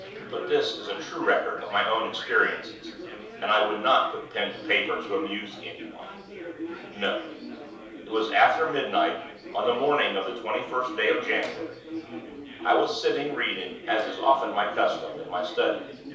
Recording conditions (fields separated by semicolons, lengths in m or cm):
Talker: one person; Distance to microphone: 3.0 m; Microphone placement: far; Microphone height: 1.8 m; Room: small (3.7 m by 2.7 m); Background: babble